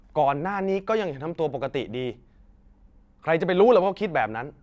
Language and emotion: Thai, frustrated